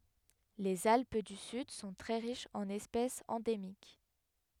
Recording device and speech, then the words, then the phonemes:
headset microphone, read sentence
Les Alpes du Sud sont très riches en espèces endémiques.
lez alp dy syd sɔ̃ tʁɛ ʁiʃz ɑ̃n ɛspɛsz ɑ̃demik

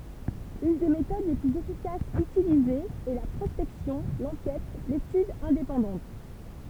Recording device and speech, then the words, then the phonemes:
temple vibration pickup, read sentence
Une des méthodes les plus efficaces utilisées est la prospection, l'enquête, l'étude indépendantes.
yn de metod le plyz efikasz ytilizez ɛ la pʁɔspɛksjɔ̃ lɑ̃kɛt letyd ɛ̃depɑ̃dɑ̃t

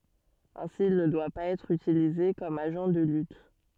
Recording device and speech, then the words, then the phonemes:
soft in-ear microphone, read sentence
Ainsi, il ne doit pas être utilisé comme agent de lutte.
ɛ̃si il nə dwa paz ɛtʁ ytilize kɔm aʒɑ̃ də lyt

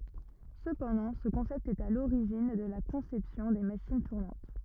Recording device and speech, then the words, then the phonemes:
rigid in-ear microphone, read sentence
Cependant ce concept est à l'origine de la conception des machines tournantes.
səpɑ̃dɑ̃ sə kɔ̃sɛpt ɛt a loʁiʒin də la kɔ̃sɛpsjɔ̃ de maʃin tuʁnɑ̃t

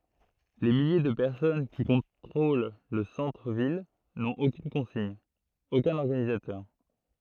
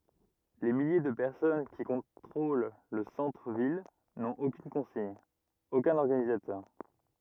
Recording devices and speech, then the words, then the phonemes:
throat microphone, rigid in-ear microphone, read sentence
Les milliers de personnes qui contrôlent le centre ville n'ont aucune consigne, aucun organisateur.
le milje də pɛʁsɔn ki kɔ̃tʁol lə sɑ̃tʁ vil nɔ̃t okyn kɔ̃siɲ okœ̃n ɔʁɡanizatœʁ

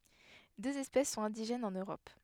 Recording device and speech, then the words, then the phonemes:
headset microphone, read sentence
Deux espèces sont indigènes en Europe.
døz ɛspɛs sɔ̃t ɛ̃diʒɛnz ɑ̃n øʁɔp

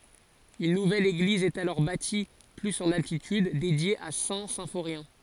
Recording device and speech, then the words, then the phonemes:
forehead accelerometer, read sentence
Une nouvelle église est alors bâtie plus en altitude, dédiée à Saint-Symphorien.
yn nuvɛl eɡliz ɛt alɔʁ bati plyz ɑ̃n altityd dedje a sɛ̃ sɛ̃foʁjɛ̃

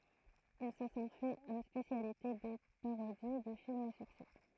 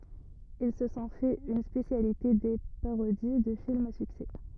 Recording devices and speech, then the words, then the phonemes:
throat microphone, rigid in-ear microphone, read sentence
Ils se sont fait une spécialité des parodies de films à succès.
il sə sɔ̃ fɛt yn spesjalite de paʁodi də filmz a syksɛ

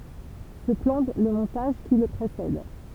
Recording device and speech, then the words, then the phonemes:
temple vibration pickup, read sentence
Ce plan le montage qui le précède.
sə plɑ̃ lə mɔ̃taʒ ki lə pʁesɛd

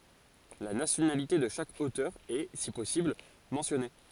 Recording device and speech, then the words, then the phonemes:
forehead accelerometer, read sentence
La nationalité de chaque auteur est, si possible, mentionnée.
la nasjonalite də ʃak otœʁ ɛ si pɔsibl mɑ̃sjɔne

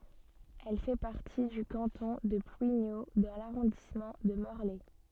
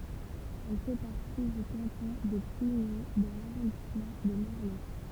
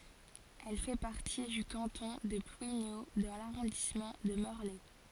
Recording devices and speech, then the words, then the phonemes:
soft in-ear microphone, temple vibration pickup, forehead accelerometer, read sentence
Elle fait partie du canton de Plouigneau, dans l'arrondissement de Morlaix.
ɛl fɛ paʁti dy kɑ̃tɔ̃ də plwiɲo dɑ̃ laʁɔ̃dismɑ̃ də mɔʁlɛ

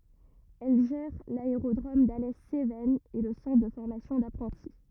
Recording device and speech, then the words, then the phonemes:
rigid in-ear microphone, read sentence
Elle gère l'aérodrome d'Alès Cévennes et le centre de formation d'apprentis.
ɛl ʒɛʁ laeʁodʁom dalɛ sevɛnz e lə sɑ̃tʁ də fɔʁmasjɔ̃ dapʁɑ̃ti

